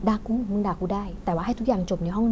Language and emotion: Thai, neutral